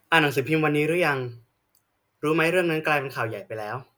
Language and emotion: Thai, neutral